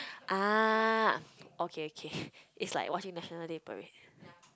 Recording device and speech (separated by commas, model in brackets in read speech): close-talking microphone, conversation in the same room